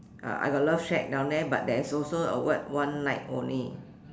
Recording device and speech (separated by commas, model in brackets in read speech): standing microphone, conversation in separate rooms